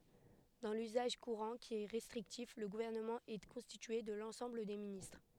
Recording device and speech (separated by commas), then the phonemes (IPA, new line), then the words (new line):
headset microphone, read sentence
dɑ̃ lyzaʒ kuʁɑ̃ ki ɛ ʁɛstʁiktif lə ɡuvɛʁnəmɑ̃ ɛ kɔ̃stitye də lɑ̃sɑ̃bl de ministʁ
Dans l'usage courant, qui est restrictif, le gouvernement est constitué de l'ensemble des ministres.